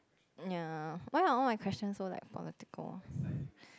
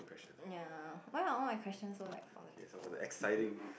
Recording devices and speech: close-talking microphone, boundary microphone, conversation in the same room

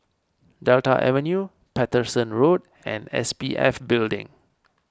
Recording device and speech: standing microphone (AKG C214), read sentence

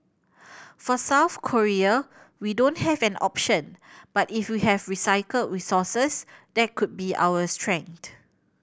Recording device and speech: boundary microphone (BM630), read sentence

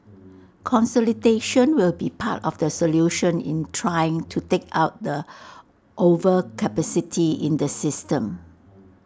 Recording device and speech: standing microphone (AKG C214), read sentence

